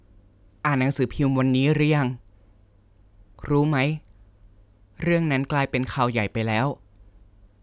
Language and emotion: Thai, neutral